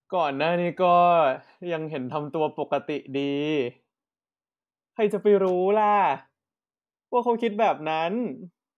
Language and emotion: Thai, frustrated